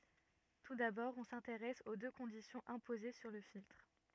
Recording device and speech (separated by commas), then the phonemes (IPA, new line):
rigid in-ear microphone, read sentence
tu dabɔʁ ɔ̃ sɛ̃teʁɛs o dø kɔ̃disjɔ̃z ɛ̃poze syʁ lə filtʁ